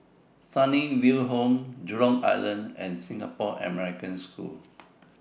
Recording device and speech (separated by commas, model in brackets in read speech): boundary microphone (BM630), read sentence